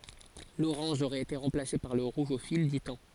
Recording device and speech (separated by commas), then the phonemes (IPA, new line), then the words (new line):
forehead accelerometer, read sentence
loʁɑ̃ʒ oʁɛt ete ʁɑ̃plase paʁ lə ʁuʒ o fil dy tɑ̃
L'orange aurait été remplacé par le rouge au fil du temps.